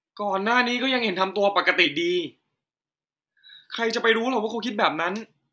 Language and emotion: Thai, frustrated